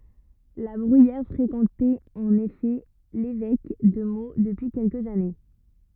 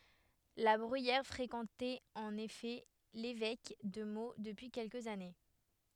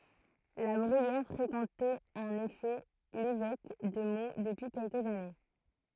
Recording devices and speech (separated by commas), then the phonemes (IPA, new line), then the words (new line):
rigid in-ear microphone, headset microphone, throat microphone, read sentence
la bʁyijɛʁ fʁekɑ̃tɛt ɑ̃n efɛ levɛk də mo dəpyi kɛlkəz ane
La Bruyère fréquentait en effet l’évêque de Meaux depuis quelques années.